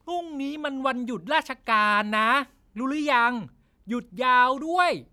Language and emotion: Thai, frustrated